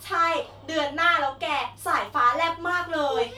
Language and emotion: Thai, happy